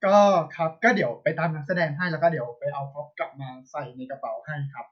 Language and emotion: Thai, neutral